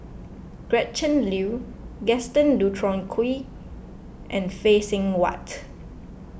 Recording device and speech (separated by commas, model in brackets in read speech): boundary microphone (BM630), read sentence